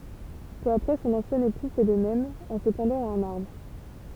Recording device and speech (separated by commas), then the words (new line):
temple vibration pickup, read sentence
Peu après son ancien époux fait de même, en se pendant à un arbre.